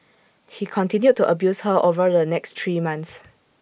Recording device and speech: boundary microphone (BM630), read sentence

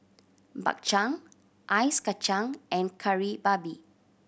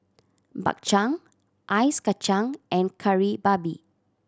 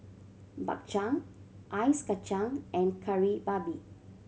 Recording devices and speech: boundary microphone (BM630), standing microphone (AKG C214), mobile phone (Samsung C7100), read sentence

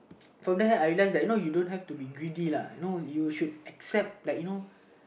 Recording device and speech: boundary microphone, conversation in the same room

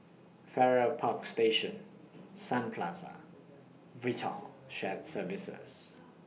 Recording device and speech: mobile phone (iPhone 6), read sentence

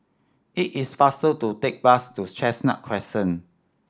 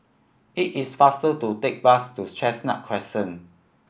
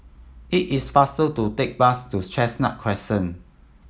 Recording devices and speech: standing microphone (AKG C214), boundary microphone (BM630), mobile phone (iPhone 7), read sentence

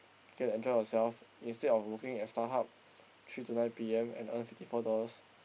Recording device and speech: boundary microphone, conversation in the same room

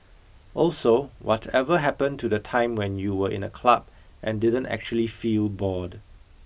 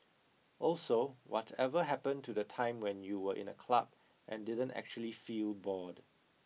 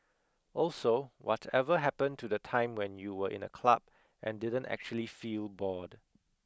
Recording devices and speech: boundary microphone (BM630), mobile phone (iPhone 6), close-talking microphone (WH20), read sentence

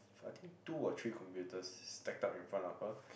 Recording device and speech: boundary microphone, conversation in the same room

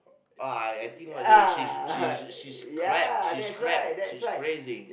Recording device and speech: boundary microphone, conversation in the same room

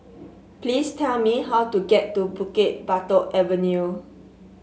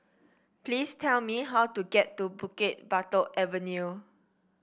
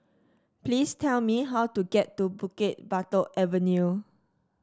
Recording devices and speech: mobile phone (Samsung S8), boundary microphone (BM630), standing microphone (AKG C214), read sentence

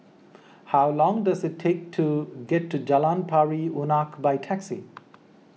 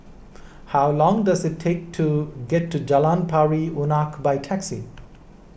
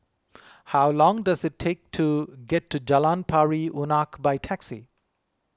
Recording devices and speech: mobile phone (iPhone 6), boundary microphone (BM630), close-talking microphone (WH20), read sentence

